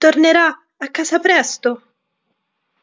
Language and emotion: Italian, fearful